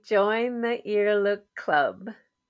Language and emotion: English, happy